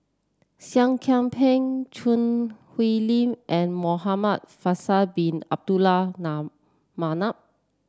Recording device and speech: standing microphone (AKG C214), read sentence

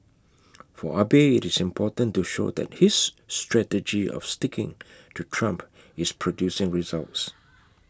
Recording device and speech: close-talking microphone (WH20), read sentence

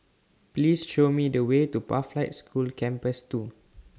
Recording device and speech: standing microphone (AKG C214), read sentence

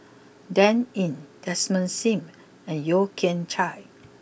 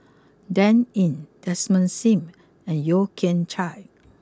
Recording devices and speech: boundary microphone (BM630), close-talking microphone (WH20), read sentence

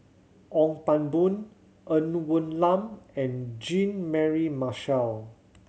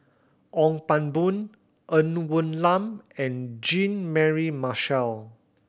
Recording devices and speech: mobile phone (Samsung C7100), boundary microphone (BM630), read sentence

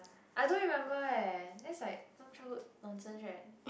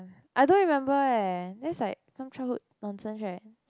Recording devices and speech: boundary microphone, close-talking microphone, conversation in the same room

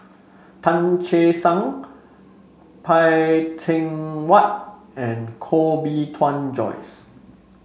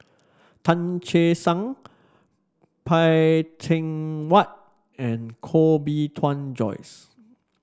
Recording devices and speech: mobile phone (Samsung C5), standing microphone (AKG C214), read sentence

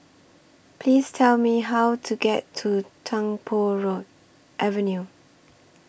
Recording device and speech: boundary microphone (BM630), read sentence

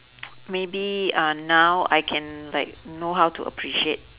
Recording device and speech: telephone, conversation in separate rooms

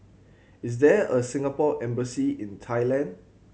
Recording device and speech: mobile phone (Samsung C7100), read sentence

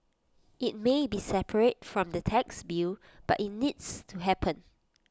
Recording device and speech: close-talking microphone (WH20), read sentence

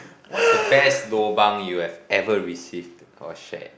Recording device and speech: boundary microphone, conversation in the same room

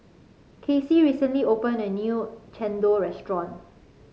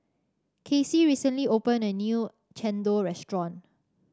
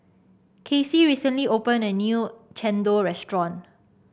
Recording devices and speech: mobile phone (Samsung C5), standing microphone (AKG C214), boundary microphone (BM630), read sentence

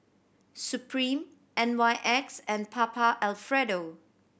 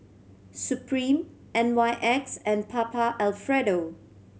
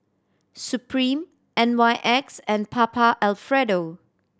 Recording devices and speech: boundary microphone (BM630), mobile phone (Samsung C7100), standing microphone (AKG C214), read sentence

